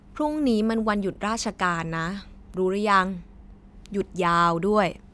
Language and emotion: Thai, frustrated